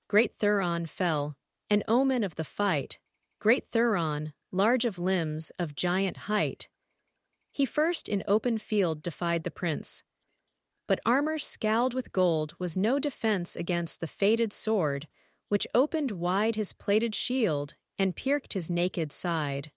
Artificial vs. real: artificial